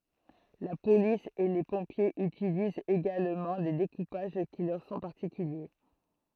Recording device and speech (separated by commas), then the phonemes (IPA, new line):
throat microphone, read sentence
la polis e le pɔ̃pjez ytilizt eɡalmɑ̃ de dekupaʒ ki lœʁ sɔ̃ paʁtikylje